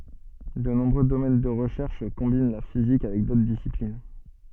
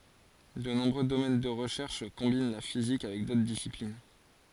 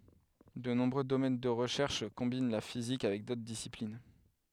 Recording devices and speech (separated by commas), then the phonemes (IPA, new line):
soft in-ear microphone, forehead accelerometer, headset microphone, read sentence
də nɔ̃bʁø domɛn də ʁəʃɛʁʃ kɔ̃bin la fizik avɛk dotʁ disiplin